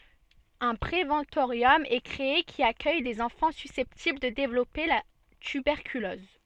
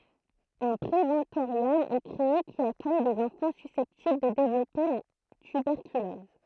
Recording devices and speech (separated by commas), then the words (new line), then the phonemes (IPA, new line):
soft in-ear microphone, throat microphone, read sentence
Un préventorium est créé, qui accueille des enfants susceptibles de développer la tuberculose.
œ̃ pʁevɑ̃toʁjɔm ɛ kʁee ki akœj dez ɑ̃fɑ̃ sysɛptibl də devlɔpe la tybɛʁkylɔz